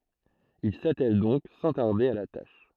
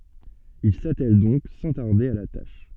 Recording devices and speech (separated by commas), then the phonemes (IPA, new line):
throat microphone, soft in-ear microphone, read sentence
il satɛl dɔ̃k sɑ̃ taʁde a la taʃ